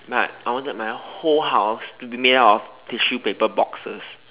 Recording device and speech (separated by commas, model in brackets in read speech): telephone, conversation in separate rooms